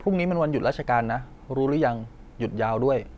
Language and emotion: Thai, neutral